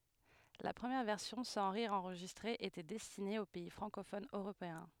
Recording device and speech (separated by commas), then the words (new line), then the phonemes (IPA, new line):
headset microphone, read sentence
La première version sans rires enregistrés était destinée aux pays francophones européens.
la pʁəmjɛʁ vɛʁsjɔ̃ sɑ̃ ʁiʁz ɑ̃ʁʒistʁez etɛ dɛstine o pɛi fʁɑ̃kofonz øʁopeɛ̃